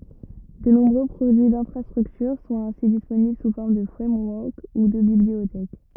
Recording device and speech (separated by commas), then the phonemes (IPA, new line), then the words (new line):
rigid in-ear microphone, read sentence
də nɔ̃bʁø pʁodyi dɛ̃fʁastʁyktyʁ sɔ̃t ɛ̃si disponibl su fɔʁm də fʁɛmwɔʁk u də bibliotɛk
De nombreux produits d'infrastructure sont ainsi disponibles sous forme de framework ou de bibliothèque.